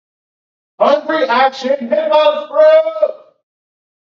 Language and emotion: English, fearful